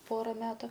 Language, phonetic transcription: Lithuanian, ˈpora ˈmetu

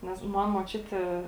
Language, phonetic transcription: Lithuanian, ˈnes ˈman muočiutė

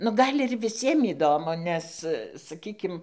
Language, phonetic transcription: Lithuanian, nu ˈgal' ir viˈsiem įˈdomu ˈnes saˈkykim

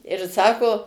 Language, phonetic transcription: Lithuanian, ir ˈsako

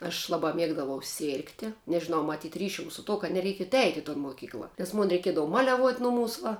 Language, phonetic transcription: Lithuanian, aš ˈlabā ˈmiegdavau ˈsėrgti nežiˈnau maˈtyt' ˈryšium su ˈtuo kad neˈreikiet ˈeiti i ton moˈkykla ˈnes ˈmun reiˈkiedava ˈmaliaˌvuot' ˈnuˌmūs va

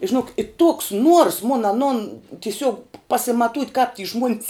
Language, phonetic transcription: Lithuanian, i žiˈnok i toks nuors mun aˈnun tiˈsiuog pasimaˈtūt' kap ty žmuon's

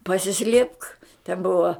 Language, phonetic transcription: Lithuanian, pasiˈslėpk ten ˈbuva

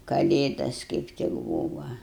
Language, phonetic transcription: Lithuanian, kaˈlėdas kaip ˈtik ˈbūva

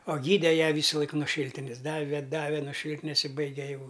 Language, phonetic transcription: Lithuanian, o ˈgyde ˈją ˈvysalaik nuo ˈšyltines ˈdave ˈdave no ˈšyltines i ˈbaige jau

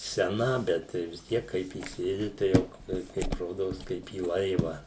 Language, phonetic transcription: Lithuanian, seˈna ˈbet tai vis ˈtiek ˈkaip įˈsėdi tai ˈjau tai ˈkaip ˈrodos kaip į ˈlaiva

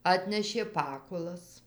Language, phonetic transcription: Lithuanian, ˈatnešė ˈpakulas

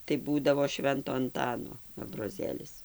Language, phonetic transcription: Lithuanian, tai ˈbūdavo ˈšvento anˈtano abroˈzėlis

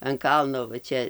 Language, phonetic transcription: Lithuanian, an ˈkalno va ˈčia

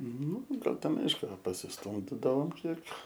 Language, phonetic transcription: Lithuanian, nu ˈgal ˈten ˈaišku pasisˈtumdidavom ˈkiek

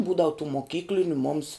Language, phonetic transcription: Lithuanian, ˈbūdavu tų moˈkykliniu mums

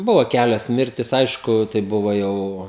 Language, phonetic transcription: Lithuanian, ˈbuvo ˈkælios ˈmirtis ˈaišku tai ˈbuvo ˈjau

